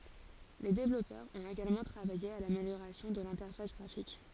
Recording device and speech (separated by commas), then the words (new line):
forehead accelerometer, read sentence
Les développeurs ont également travaillé à l'amélioration de l'interface graphique.